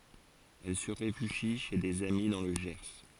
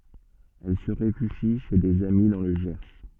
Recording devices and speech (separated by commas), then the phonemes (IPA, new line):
forehead accelerometer, soft in-ear microphone, read sentence
ɛl sə ʁefyʒi ʃe dez ami dɑ̃ lə ʒɛʁ